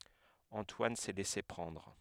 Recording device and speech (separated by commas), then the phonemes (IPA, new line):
headset microphone, read sentence
ɑ̃twan sɛ lɛse pʁɑ̃dʁ